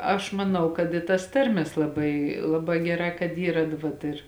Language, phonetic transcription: Lithuanian, aš maˈnau kad i tas ˈtarmės laˈbai ˈlaˌbā ˈgeˌrā kad ˈyra d ˈvat ir

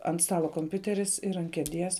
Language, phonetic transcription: Lithuanian, ant ˈstalo komˈpiuteris ir ant kieˈdies

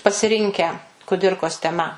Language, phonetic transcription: Lithuanian, pasiˈrinkę kuˈdirkos teˈma

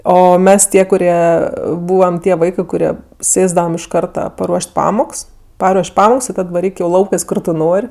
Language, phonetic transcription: Lithuanian, ˈo ˈmes ˈtie kuˈrie ˈbūvam ˈtie ˈvaikɜ kuˈrie ˈsėsdavam iš ˈkarta paˈruoš't' ˈpamoks ˈparuoš' ˈpamoks ir ˈtad vaˈryk jau ˈlaukɜs ˈkur tu ˈnor'

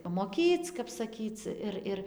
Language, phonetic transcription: Lithuanian, pamoˈkyc kap saˈkyc ˈir ˈir

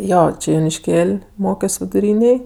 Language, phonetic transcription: Lithuanian, ˈjo ˈči jonišˈkėl' ˈmokios viduˈrynėj

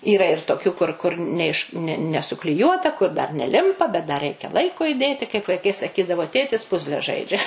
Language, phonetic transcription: Lithuanian, yˈra ir toˈkių kur kur ne iš ne nesukliˈjuota kur dar neˈlimpa bet da ˈreikia ˈlaiko iˈdėti kaip vaiˈkai saˈkydavo tėtis ˈpuzle ˈžaidžia

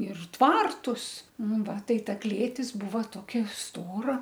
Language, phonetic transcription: Lithuanian, ir ˈtvartus ˈnu ˈva ˈtai ˈta ˈklėtis ˈbūva ˈtokia ˈstora

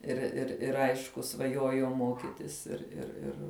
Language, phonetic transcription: Lithuanian, ir ir ˈir ˈaišku svaˈjuojau ˈmokitis ir ir ˈir

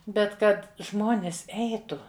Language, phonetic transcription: Lithuanian, ˈbet ˈkad ˈžmonis ˈeitu

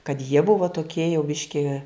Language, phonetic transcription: Lithuanian, kad jie ˈbuvo toˈkie jau ˈbiški

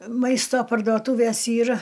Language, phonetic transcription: Lithuanian, ˈmaisto pardoˈtūvės ˈyr

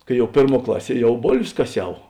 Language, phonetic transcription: Lithuanian, ˈkai ˈjau ˈpėrˌmuo ˈklaˌsie ˈjau ˈbolvės kaˈsiau

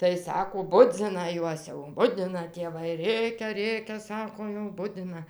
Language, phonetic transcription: Lithuanian, tai ˈsako ˈbudzina ˈjuos jau ˈbudina tėˈvai ˈrėkia ˈrėkia ˈsako jau ˈbudina

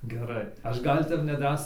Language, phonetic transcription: Lithuanian, geˈrai aš ˈgal' ˈtep neˈdrąsiai

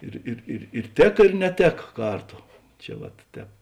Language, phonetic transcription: Lithuanian, ˈir ir ir ir ˈtėka ir neˈtėka ˈkarˌto ˈčia vat ˈtēp

